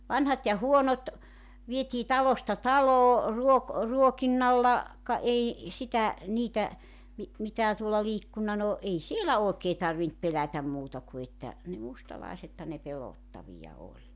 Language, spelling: Finnish, vanhat ja huonot vietiin talosta taloon - ruokinnalla ka ei sitä niitä - mitään tuolla liikkunut no ei siellä oikein tarvinnut pelätä muuta kuin että ne mustalaisethan ne pelottavia oli
- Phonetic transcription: 'vanhat ja "huonot , viet́ii "talosta "taloo , 'ruok- , 'ruokinnalla , ka 'ei , 'sitä , 'niitä , mi- , 'mitää tuolla 'liikkunna no , 'ei "sielä 'òekee tarvint 'pelätäm muuta ku että , ne 'mustalàisethan ne 'pelòttavija oĺ .

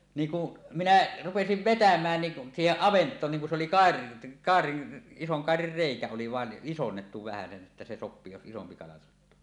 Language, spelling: Finnish, niin kun minä rupesin vetämään niin siihen avantoon niin kun se oli - kairan ison kairan reikä oli vain isonnettu vähäsen että se sopii jos isompi kala sattuu
- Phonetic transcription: 'niiŋ ku , 'minä 'rupesiv "vetäm̀ään niˀ , "siiheˀ 'ˀavent̀oon niiŋ kun se oli 'kàer- , 'kàerin , 'isoŋ kàerir 'reikä oli vàen "ˀisonnettu vähäsen ˀettä se 'sop̆pii jos 'isompi kala sattuu .

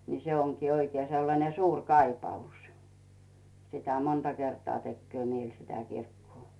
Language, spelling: Finnish, niin se onkin oikein sellainen suuri kaipaus sitä monta kertaa tekee mieli sitä kirkkoa
- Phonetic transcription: ni se oŋkii oikie sellane "suuŕ "kaipaus , sitä 'monta kertᵒa 'tekkᵘö mieĺ sitä 'kirkkᵘò .

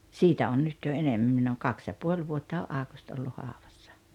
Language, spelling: Finnish, siitä on nyt jo enemmän minä olen kaksi ja puoli vuotta on Aukusti ollut haudassa
- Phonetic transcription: siitä on 'nyt jo 'enemmäm minn ‿ooŋ 'kaks ja 'puoĺ vuotta o’ '’Aakust ollu 'hàovassᴀ .

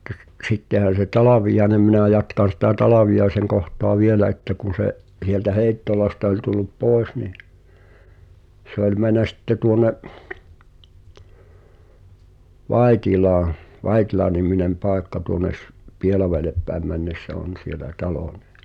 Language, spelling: Finnish, mutta - sittehän se Talviainen minä jatkan sitä Talviaisen kohtaa vielä että kun se sieltä Heittolasta oli tullut pois niin se oli mennyt sitten tuonne Vaittilaan Vaittila-niminen paikka tuonne - Pielavedelle päin mennessä on siellä talo niin
- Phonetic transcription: ᴍᴜttᴀ s- , 'sittehän̬ se "Talavijaĕnem minä̀ jatkan̬ sitä "Talaviʲaeseŋ koht̀oa 'vielä että kun̬ se’ , sieltä "Hèi̬ttolasta oĺ tullup 'pooᵉs ni , se ‿oĺ män̆nä 'sⁱtte 'tuonne’ , "Vàitilaaa̰ , 'Vàitilaniminem "pàekka tuone s- , "Pielaveelep pääᵉm männessä "on̬ sielä 'talò ɴɪ .

